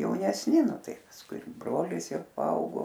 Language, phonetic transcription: Lithuanian, jaunesˈni ˈnu ˈtai pasˈkui ir ˈbrolis ˈjau paˈaugo

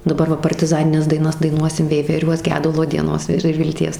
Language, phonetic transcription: Lithuanian, daˈbar ˈva partiˈzanines daiˈnas daiˈnuosim veiveˈriuos ˈgedulo dieˈnos ir ir vilˈties

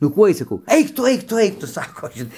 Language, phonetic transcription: Lithuanian, nu ˈkuoj saˈkau ˈeik tu ˈaik tu ˈaik ˈtu ˈsako ˈžin

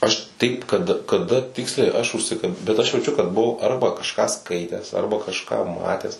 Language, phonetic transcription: Lithuanian, ˈaš ˈtaip kad kaˈda ˈtiksliai ˈaš užˈsika bet ˈaš jauˈčiu kad buˈvau ˈarba kažˈką ˈskaitęs ˈarba kažˈką ˈmatęs

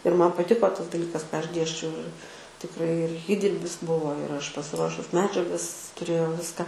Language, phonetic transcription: Lithuanian, ir ˈman paˈtiko ˈtas daˈlykas ką ˈaš ˈdėsčiau ir tikˈrai ir ˈįdirbis ˈbuvo ir ˈaš pasiˈruošus ˈmedžiagas tuˈrėjau ˈviską

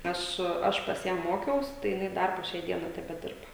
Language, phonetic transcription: Lithuanian, ˈaš ˈaš pas ˈją ˈmokiaus tai jiˈnai ˈdar po ˈšiai ˈdienai tebeˈdirba

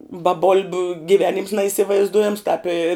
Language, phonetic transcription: Lithuanian, ba ˈbol'biu giˈvenims naįsivaizˈduojams tāp i

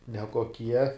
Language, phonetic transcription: Lithuanian, nekoˈkie

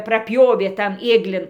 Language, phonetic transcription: Lithuanian, praˈpjovė tan ˈėglin

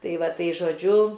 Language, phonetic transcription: Lithuanian, ˈtai ˈva ˈtai žoˈdžiu

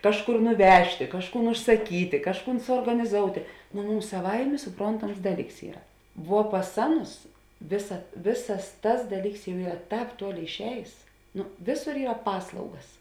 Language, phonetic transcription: Lithuanian, ˈkažˌkur nuˈvežtė ˈkažˌkūn užsaˈkytė ˈkažˌkūn suorganiˈzoutė no ˈmums saˈvaimė suˈprontams ˈdaˌlyks ˈyra vuo pas ˈaˌnus ˈvėsa ˈvėsas ˈtas ˈdaˌlyks jau ˈyra ˈtāp ˈtuoˌlėi išˈējės ˈno ˈvėˌsor ˈyra ˈpaslaugas

